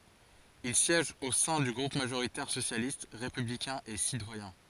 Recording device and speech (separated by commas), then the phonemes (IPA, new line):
forehead accelerometer, read sentence
il sjɛʒ o sɛ̃ dy ɡʁup maʒoʁitɛʁ sosjalist ʁepyblikɛ̃ e sitwajɛ̃